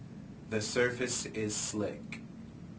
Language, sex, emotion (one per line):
English
male
neutral